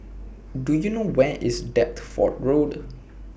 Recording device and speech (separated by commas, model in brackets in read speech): boundary microphone (BM630), read sentence